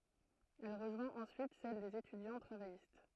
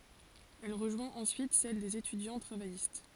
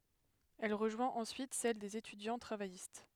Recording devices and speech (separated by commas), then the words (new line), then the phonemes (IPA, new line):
throat microphone, forehead accelerometer, headset microphone, read sentence
Elle rejoint ensuite celle des étudiants travaillistes.
ɛl ʁəʒwɛ̃t ɑ̃syit sɛl dez etydjɑ̃ tʁavajist